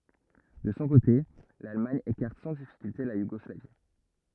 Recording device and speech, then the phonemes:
rigid in-ear microphone, read sentence
də sɔ̃ kote lalmaɲ ekaʁt sɑ̃ difikylte la juɡɔslavi

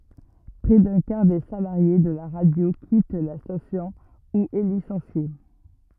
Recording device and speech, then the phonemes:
rigid in-ear microphone, read sentence
pʁɛ dœ̃ kaʁ de salaʁje də la ʁadjo kit la stasjɔ̃ u ɛ lisɑ̃sje

